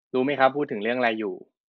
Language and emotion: Thai, neutral